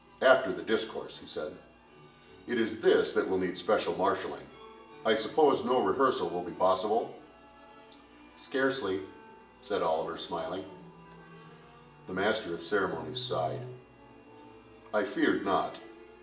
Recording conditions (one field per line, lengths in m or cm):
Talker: one person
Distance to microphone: 1.8 m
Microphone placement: close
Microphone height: 1.0 m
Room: large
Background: music